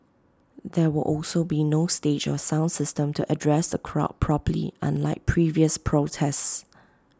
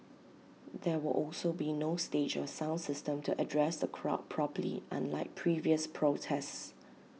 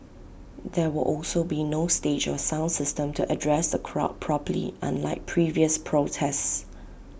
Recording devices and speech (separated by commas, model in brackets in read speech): close-talking microphone (WH20), mobile phone (iPhone 6), boundary microphone (BM630), read sentence